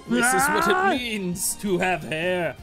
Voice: deep voice